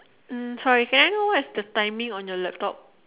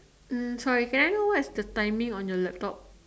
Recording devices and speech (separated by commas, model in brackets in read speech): telephone, standing microphone, conversation in separate rooms